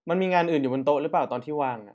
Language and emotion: Thai, neutral